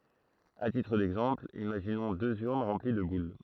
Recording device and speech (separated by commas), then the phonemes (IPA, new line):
throat microphone, read sentence
a titʁ dɛɡzɑ̃pl imaʒinɔ̃ døz yʁn ʁɑ̃pli də bul